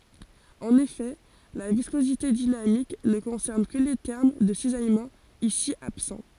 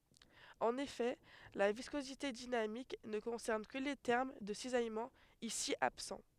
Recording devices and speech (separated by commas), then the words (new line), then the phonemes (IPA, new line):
forehead accelerometer, headset microphone, read sentence
En effet la viscosité dynamique ne concerne que les termes de cisaillement, ici absents.
ɑ̃n efɛ la viskozite dinamik nə kɔ̃sɛʁn kə le tɛʁm də sizajmɑ̃ isi absɑ̃